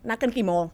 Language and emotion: Thai, angry